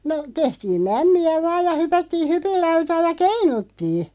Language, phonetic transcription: Finnish, no , 'tehtiim "mämmi₍ä 'vaaj ja 'hypättii "hypillautaa ja "keinuttii .
- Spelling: no tehtiin mämmiä vain ja hypättiin hypinlautaa ja keinuttiin

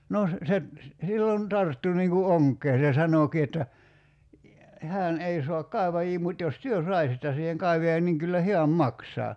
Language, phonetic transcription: Finnish, no , se , "sillon 'tarttu niiŋ ku "oŋk̀ee se 'sanòki että , » 'hään 'ei soak "kàeva₍ii 'mut jos "työ "saisitta siiheŋ 'kaivajan niŋ 'kyllä "heäm 'maksaa « .
- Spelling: no se silloin tarttui niin kuin onkeen se sanoikin että hän ei saa kaivajia mutta jos te saisitte siihen kaivajan niin kyllä hän maksaa

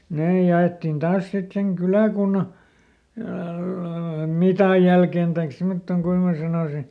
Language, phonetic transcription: Finnish, ˈnee ja₍ettin ˈtaas sit seŋ ˈkylä̀kunna , "mitàj jälken taik ˈsimottoŋ ˈkuin mää sanòsi .
- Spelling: ne jaettiin taas sitten sen kyläkunnan mitan jälkeen tai semmottoon kuinka minä sanoisin

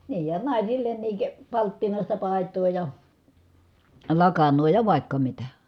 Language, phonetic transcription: Finnish, niij ja nàisillenniik , palttinàista pài̮t̀oo ja , lakannoo ja vàikka mitä .
- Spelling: niin ja naisillekin palttinaista paitaa ja lakanaa ja vaikka mitä

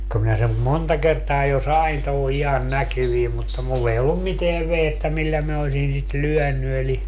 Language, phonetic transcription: Finnish, ko minä sem "monta kertaa jo "sain toho 'ihan "näkyviim mutta 'mull ‿ei ollum "miteäv 'vehettä 'millä min ‿osin sit "lyɔ̈̀ny eli ,.
- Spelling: kun minä sen monta kertaa jo sain tuohon ihan näkyviin mutta minulla ei ollut mitään vehjettä millä minä olisin sitä lyönyt eli

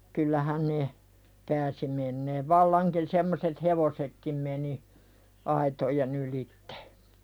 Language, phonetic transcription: Finnish, kyllähä ne , 'pääsi menneev vallaŋkin semmoset "hevosekkim meni , 'aitojen ‿ylittᴇ .
- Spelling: kyllähän ne pääsi menemään vallankin semmoiset hevosetkin meni aitojen ylitse

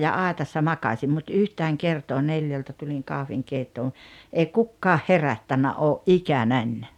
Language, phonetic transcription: Finnish, ja "àetassa "makaśim mut "yhtääŋ "kertoo 'neljältä tuliŋ 'kahviŋkeittoon̬ , 'èi "kukkaah "herättännä '’oo’ "’ikänäń .
- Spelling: ja aitassa makasin mutta yhtään kertaa neljältä tulin kahvinkeittoon ei kukaan herättänyt ole ikänäni

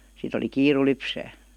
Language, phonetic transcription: Finnish, sit ‿oli "kiiru 'lypsää .
- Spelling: sitten oli kiire lypsää

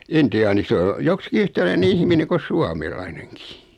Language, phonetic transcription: Finnish, 'inti₍aani 'sᵉ o , 'joksⁱki 'yhtäläine "ihmine ko 'suamelaineŋkii .
- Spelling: intiaani se on joksikin yhtäläinen ihminen kuin suomalainenkin

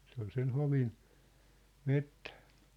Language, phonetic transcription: Finnish, 'se ‿ol sen "hovin , "mettᴀ̈ᴀ̈ .
- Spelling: se oli sen hovin metsää

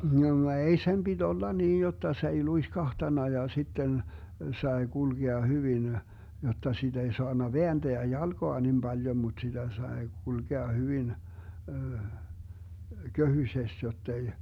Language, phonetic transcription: Finnish, (no) 'ei sem BiD 'olla niij jotta sᵉ ‿ei 'luiskahtana ja 'sitten , 'sae 'GulGea 'hyvin , jotta 'siD ‿ei 'soanna "veänDeä 'jalGoa nim 'baljom mut siDä sae 'GulGea 'hyvin , 'köhysest jottei ,.
- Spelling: no ei sen piti olla niin jotta se ei luiskahtanut ja sitten sai kulkea hyvin jotta sitä ei saanut vääntää jalkaa niin paljon mutta sitä sai kulkea hyvin köhyisesti jotta ei

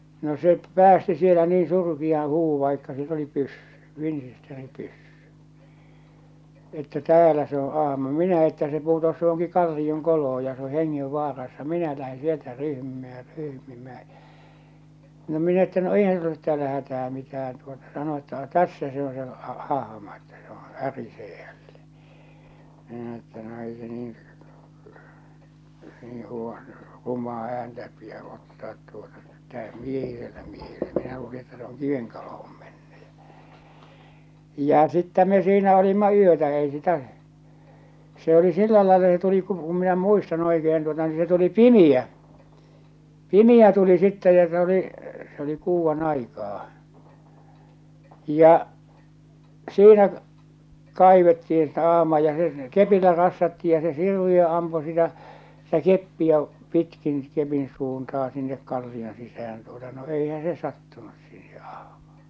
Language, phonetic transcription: Finnish, no se , 'päästi sielä nii 'surkiaa̰ 'huuvvu̳ vaikka sill ‿oli 'pyssy , 'Vinsisteri-pyssy , että » "täälä se ‿o 'ahma « 'minä että se putos 'johoŋki 'kallioŋ'koloh̬o ja se ‿o 'heŋŋev'vaarassa 'minä lähe 'sieltä 'ryhmimää ja 'ryhmimää ᴊᴀ̈ , no minä että » no "eihän sull ‿olet täälä 'hätää 'mitään « tuota sano että no "tässä se on se ah- 'ahᵃma että se ‿° "ärisee hälle , minä että » no ei se niiḭ , heŋŋevvaa- , rum̆maa ääntä piä ottaat tuota 'tä̀öh "miehisellä miehellɛ minä luuli että se oŋ "kiveŋ kolohᴏᴍ ᴍᴇɴɴʏ « ᴊᴀ̈ , ja͕ 'sittä me 'siinä olimma 'yötä ei sitä’ , se oli 'sillä laella se tuli ku , ku minä 'muistan 'oikehen tuota ni se tuli "pimiʲä , "pimi₍ä tuli 'sittɛ ja se oli , se oli 'kuuvvan'aikaa , ja , 'siinä , kaivetti₍in (sitä ah̬maa) ja se , "kepillä rassatti ja se 'Sirviö ampu sitä , sitä 'keppi₍ä , 'pitkin , 'kepin 'suuntahᴀ sinnek 'kalli₍on sisäh̬än tuota no 'eihä se "sattunus siihᴇ 'ᴀhᴍᴀᴀ .
- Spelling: no se päästi siellä niin surkean huudon vaikka sillä oli pyssy Winchester-pyssy että täällä se on ahma minä että se putosi johonkin kallionkoloon ja se on hengenvaarassa minä lähden sieltä ryhmimään ja ryhmimään ja no minä että no eihän sinulla ole täällä hätää mitään tuota sanoi että no tässä se on se - ahma että se - ärisee hänelle minä että no ei se niin - rumaa ääntä pidä ottaa tuota täysi miehisellä miehelle minä luulin että se on kiven koloon mennyt ja ja sitten me siinä olimme yötä ei sitä se oli sillä lailla se tuli kun kun minä muistan oikein tuota niin se tuli pimeä pimeä tuli sitten ja se oli se oli kuudanaikaa ja siinä kaivettiin sitä ahmaa ja se kepillä rassattiin ja se Sirviö ampui sitä sitä keppiä pitkin kepin suuntaan sinne kallion sisään tuota no eihän se sattunut siihen ahmaan

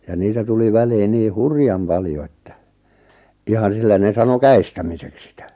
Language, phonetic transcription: Finnish, ja 'niitä tuli 'väliin 'nii "hurjam 'paljo että , 'ihan̬ 'sillä 'ne 'sano "kä₍istämiseks sitä .
- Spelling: ja niitä tuli väliin niin hurjan paljon että ihan sillä ne sanoi käestämiseksi sitä

